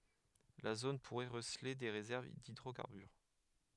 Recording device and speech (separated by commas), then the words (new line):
headset microphone, read sentence
La zone pourrait receler des réserves d'hydrocarbures.